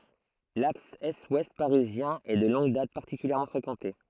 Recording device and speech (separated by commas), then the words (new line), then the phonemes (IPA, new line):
throat microphone, read sentence
L'axe est-ouest parisien est de longue date particulièrement fréquenté.
laks ɛstwɛst paʁizjɛ̃ ɛ də lɔ̃ɡ dat paʁtikyljɛʁmɑ̃ fʁekɑ̃te